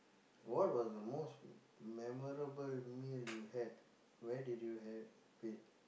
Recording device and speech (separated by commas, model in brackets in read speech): boundary microphone, conversation in the same room